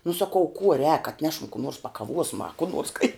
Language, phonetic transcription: Lithuanian, nu saˈkau kuo rēk atˈnešam kų nors pakaˈvuosma a kų nors kai

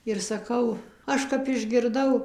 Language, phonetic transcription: Lithuanian, ir saˈkau ˈaš kap išgirˈdau

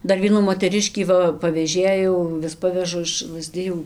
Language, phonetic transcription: Lithuanian, ˈdar ˈvienų moteˈriškį ˈva paveˈžėjau ˈvis ˈpavežu iš lazˈdijų

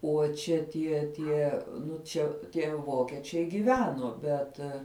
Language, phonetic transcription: Lithuanian, o ˈčia tie ˈtie ˈnu ˈčia tie ˈvokečiai giˈveno ˈbet

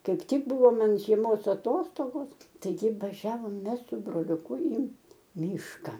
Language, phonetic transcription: Lithuanian, ˈkaip ˈtik ˈbuvo ˈman žieˈmos aˈtostogos taiˈgi vaˈžiavom ˈmes su broliuˈku į ˈmyška

